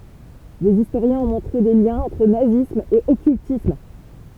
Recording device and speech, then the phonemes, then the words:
temple vibration pickup, read sentence
dez istoʁjɛ̃z ɔ̃ mɔ̃tʁe de ljɛ̃z ɑ̃tʁ nazism e ɔkyltism
Des historiens ont montré des liens entre nazisme et occultisme.

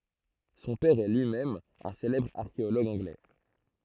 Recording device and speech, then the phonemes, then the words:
throat microphone, read sentence
sɔ̃ pɛʁ ɛ lyi mɛm œ̃ selɛbʁ aʁkeoloɡ ɑ̃ɡlɛ
Son père est lui-même un célèbre archéologue anglais.

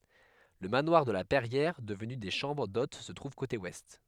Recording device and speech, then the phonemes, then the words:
headset microphone, read sentence
lə manwaʁ də la pɛʁjɛʁ dəvny de ʃɑ̃bʁ dot sə tʁuv kote wɛst
Le manoir de la Perrière, devenu des chambres d'hôtes se trouve côté Ouest.

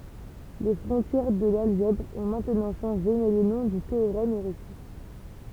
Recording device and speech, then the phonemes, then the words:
temple vibration pickup, read sentence
le fʁɔ̃tjɛʁ də lalʒɛbʁ ɔ̃ mɛ̃tnɑ̃ ʃɑ̃ʒe mɛ lə nɔ̃ dy teoʁɛm ɛ ʁɛste
Les frontières de l'algèbre ont maintenant changé mais le nom du théorème est resté.

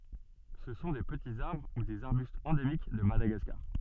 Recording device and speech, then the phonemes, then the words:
soft in-ear microphone, read sentence
sə sɔ̃ de pətiz aʁbʁ u dez aʁbystz ɑ̃demik də madaɡaskaʁ
Ce sont des petits arbres ou des arbustes endémiques de Madagascar.

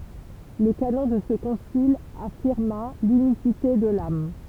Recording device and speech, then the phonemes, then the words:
temple vibration pickup, read sentence
lə kanɔ̃ də sə kɔ̃sil afiʁma lynisite də lam
Le canon de ce concile affirma l'unicité de l'âme.

